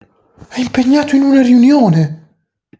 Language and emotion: Italian, surprised